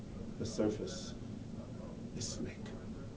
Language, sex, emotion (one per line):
English
male
neutral